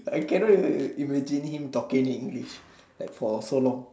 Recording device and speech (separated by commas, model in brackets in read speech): standing microphone, conversation in separate rooms